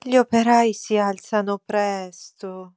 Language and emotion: Italian, sad